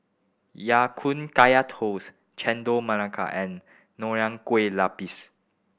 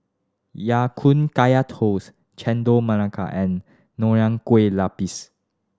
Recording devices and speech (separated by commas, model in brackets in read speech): boundary microphone (BM630), standing microphone (AKG C214), read sentence